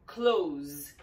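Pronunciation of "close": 'Close' is said as the verb, ending with a z sound.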